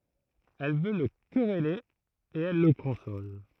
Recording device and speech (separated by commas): throat microphone, read sentence